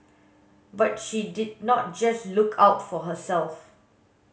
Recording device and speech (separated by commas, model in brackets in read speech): mobile phone (Samsung S8), read sentence